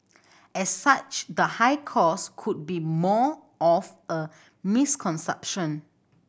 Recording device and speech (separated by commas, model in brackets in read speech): boundary microphone (BM630), read sentence